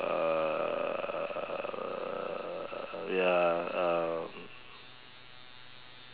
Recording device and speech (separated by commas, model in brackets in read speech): telephone, conversation in separate rooms